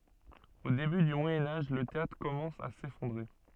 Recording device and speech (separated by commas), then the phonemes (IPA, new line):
soft in-ear microphone, read sentence
o deby dy mwajɛ̃ aʒ lə teatʁ kɔmɑ̃s a sefɔ̃dʁe